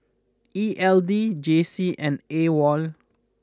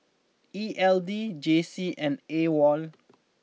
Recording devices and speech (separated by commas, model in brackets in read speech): close-talking microphone (WH20), mobile phone (iPhone 6), read sentence